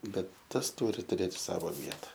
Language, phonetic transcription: Lithuanian, ˈbet ˈtas ˈturi tuˈrėt ˈsavo ˈvieta

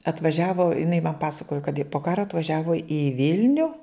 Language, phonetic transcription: Lithuanian, atvaˈžiavo iˈnai man ˈpasakojo kad i po ˈkaro atvaˈžiavo i ˈvilniu

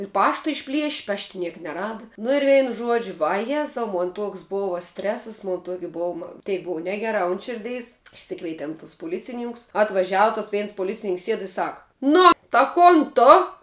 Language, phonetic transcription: Lithuanian, ir ˈpašta išˈplieš' ˈpašti ˈniek neˈrada nu ir ˈvein ˈžuodžiu vaˈjezau ˈmon ˈtoks ˈbova ˈstresas ˈmon ˈtuoki ˈbuom ˈteik ˈbuvo ˈnegeˌrā un ˈširdeis išˈsikveitem tus puˈlicininkus atvaˈžiavu tas ˈveins poˈlicininks ˈsied i ˈsak ˈnu ta ˈkon ˈtu

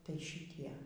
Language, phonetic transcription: Lithuanian, tai šiˈtie

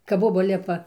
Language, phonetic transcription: Lithuanian, kap ˈboba ˈlipa

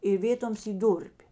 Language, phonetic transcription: Lithuanian, i ˈvėtoms ˈy ˈdūr'p'

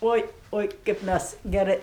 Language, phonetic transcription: Lithuanian, ˈoi ˈoi kaip ˈmæs geˈrɜ

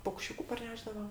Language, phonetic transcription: Lithuanian, paukšˈčiūku parˈnešdava

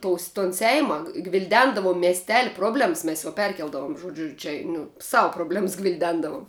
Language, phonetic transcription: Lithuanian, ˈtous ton ˈseima gvilˈdendavum miesˈteli ˈproblems ˈmes jau ˈperkeldavum žoˈdžiu čia nu ˈsavu probˈlems gvilˈdendavum

